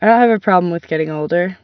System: none